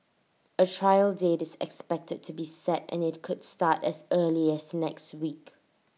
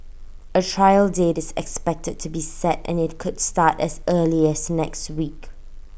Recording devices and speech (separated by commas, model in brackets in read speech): mobile phone (iPhone 6), boundary microphone (BM630), read sentence